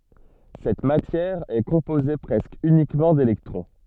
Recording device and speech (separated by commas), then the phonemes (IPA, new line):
soft in-ear microphone, read sentence
sɛt matjɛʁ ɛ kɔ̃poze pʁɛskə ynikmɑ̃ delɛktʁɔ̃